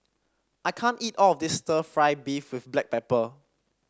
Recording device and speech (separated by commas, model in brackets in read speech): standing microphone (AKG C214), read sentence